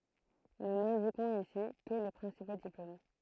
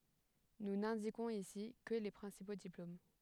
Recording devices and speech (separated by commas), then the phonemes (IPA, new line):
throat microphone, headset microphone, read sentence
nu nɛ̃dikɔ̃z isi kə le pʁɛ̃sipo diplom